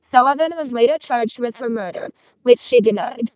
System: VC, vocoder